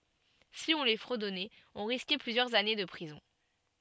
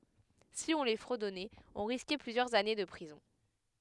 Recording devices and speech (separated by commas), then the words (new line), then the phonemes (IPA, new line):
soft in-ear microphone, headset microphone, read sentence
Si on les fredonnait, on risquait plusieurs années de prison.
si ɔ̃ le fʁədɔnɛt ɔ̃ ʁiskɛ plyzjœʁz ane də pʁizɔ̃